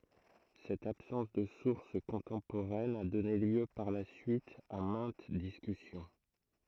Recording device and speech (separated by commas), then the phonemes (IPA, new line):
throat microphone, read sentence
sɛt absɑ̃s də suʁs kɔ̃tɑ̃poʁɛn a dɔne ljø paʁ la syit a mɛ̃t diskysjɔ̃